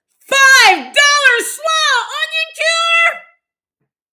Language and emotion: English, fearful